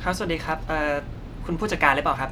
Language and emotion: Thai, neutral